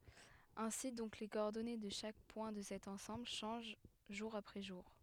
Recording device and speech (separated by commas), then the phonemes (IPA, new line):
headset microphone, read sentence
ɛ̃si dɔ̃k le kɔɔʁdɔne də ʃak pwɛ̃ də sɛt ɑ̃sɑ̃bl ʃɑ̃ʒ ʒuʁ apʁɛ ʒuʁ